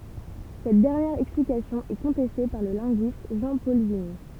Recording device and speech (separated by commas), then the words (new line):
temple vibration pickup, read sentence
Cette dernière explication est contestée par le linguiste Jean-Paul Vignes.